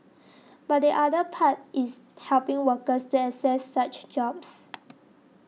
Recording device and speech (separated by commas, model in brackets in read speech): mobile phone (iPhone 6), read sentence